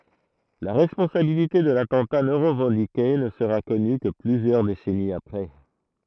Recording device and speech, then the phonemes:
throat microphone, read sentence
la ʁɛspɔ̃sabilite də latɑ̃ta nɔ̃ ʁəvɑ̃dike nə səʁa kɔny kə plyzjœʁ desɛniz apʁɛ

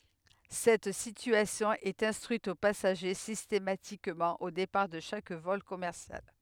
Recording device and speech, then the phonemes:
headset microphone, read sentence
sɛt sityasjɔ̃ ɛt ɛ̃stʁyit o pasaʒe sistematikmɑ̃ o depaʁ də ʃak vɔl kɔmɛʁsjal

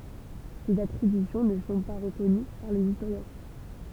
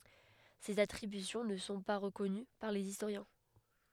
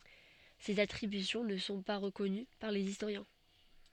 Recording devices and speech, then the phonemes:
temple vibration pickup, headset microphone, soft in-ear microphone, read sentence
sez atʁibysjɔ̃ nə sɔ̃ pa ʁəkɔny paʁ lez istoʁjɛ̃

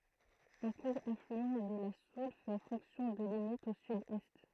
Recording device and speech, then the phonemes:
throat microphone, read sentence
œ̃ kuʁ aflyɑ̃ də la sul fɛ fɔ̃ksjɔ̃ də limit o sydɛst

